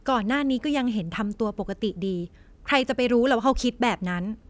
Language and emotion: Thai, frustrated